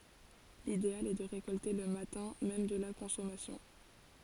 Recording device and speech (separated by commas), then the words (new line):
forehead accelerometer, read sentence
L'idéal est de récolter le matin même de la consommation.